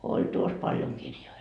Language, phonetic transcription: Finnish, 'oĺ 'tuos 'paljoŋ kirjoi .
- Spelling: oli tuossa paljon kirjoja

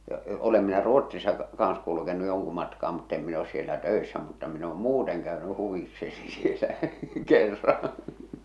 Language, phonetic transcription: Finnish, ja 'olem minä "Ruot̀sisa , kaaa̰s kulukenu 'joŋku matkaa mutt ‿em min ‿os sielä "tö̀essä mutta min ‿oom "muuteŋ käöny 'huvikseni sielä , 'kerraa̰ .
- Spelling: ja olen minä Ruotsissa kanssa kulkenut jonkun matkaa mutta en minä ole siellä töissä mutta minä olen muuten käynyt huvikseni siellä kerran

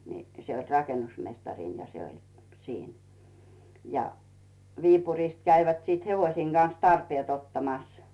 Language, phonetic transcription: Finnish, ni , 'se oĺ "rakenusmestarin ja 'se oĺ , 'siin , ja , 'Viipurìst käivät sìt 'hevosiiŋ Gan̬s "tarpiet 'ottamas .
- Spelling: niin se oli rakennusmestari ja se oli siinä ja Viipurista kävivät sitten hevosien kanssa tarpeet ottamassa

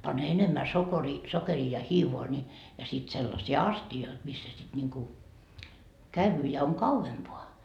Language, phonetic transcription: Finnish, pan enemmä 'sokerii , 'sokerii ja "hiivoa ni , ja sit sellasii "asti₍oit missä sit ńiŋku , "käyvyy ja oŋ "kauvempoa .
- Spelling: pani enemmän sokeria sokeria ja hiivaa niin ja sitten sellaisia astioita missä sitten niin kuin käy ja on kauempaan

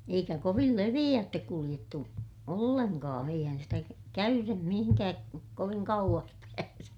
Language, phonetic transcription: Finnish, eikä kovil leviʲäättek kuliʲettu , olleŋkaa̰ - eihän sitä kä- , käyrem mihiŋkääk koviŋ kauᵛas pääse .
- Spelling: eikä kovin leveäitse kuljettu ollenkaan eihän sitä - käyden mihinkään kovin kauas pääse

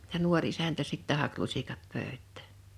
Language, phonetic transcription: Finnish, ja 'nuoŕ isäntä 'sittä hak 'lusikat 'pö̀ö̭t̆tᴀ̈̀ .
- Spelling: ja nuori isäntä sitten haki lusikat pöytään

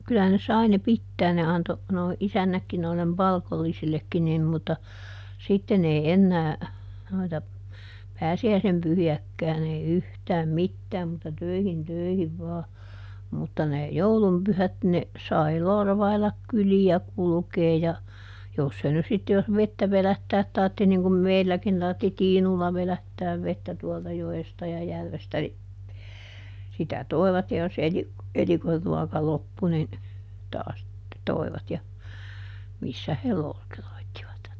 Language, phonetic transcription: Finnish, kylähän ne ˈsai ne "pittään ne ˈanto , nòi ˈisännäkki noillem "palkollisillekki nim mutta , ˈsitten ‿ei "ennää , noita , "pääsi₍äisem ˈpyhi₍äkkään ‿ei ˈyhtääm "mittääm mutta ˈtöihin ˈtöihiv vaa , mutta ne , "joulum ˈpyhät ne , ˈsai "lorvailak ˈkyli₍ä ˈkulᵘkee ja , ˈjos se nys ˈsitte jos "vettä ˈvelättäät tartti niŋ kum "meilläkin tartti "tiinulla ˈvelättääv ˈvettä tuolta ˈjo₍esta ja ˈjärvestä ni , sitä "toi̮vat ja jos ˈeli- , ˈelikorruɔka ˈloppu nin , taas , ˈtoi̮vat ja , ˈmissä he ˈlooteroittivat .
- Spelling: kyllähän ne sai ne pitää ne antoi nuo isännätkin noille palkollisillekin niin mutta sitten ei enää noita pääsiäisen pyhiäkään ei yhtään mitään mutta töihin töihin vain mutta ne joulun pyhät ne sai lorvailla kyliä kulkea ja jos se nyt sitten jos vettä vedättää tarvitsi niin kuin meilläkin tarvitsi tiinulla vedättää vettä tuolta joesta ja järvestä niin sitä toivat ja jos - elikonruoka loppui niin taas toivat ja missä he looteroitsivat

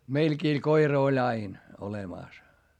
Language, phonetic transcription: Finnish, meilkii koira oĺ ‿ain , olemàs .
- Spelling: meilläkin koira oli aina olemassa

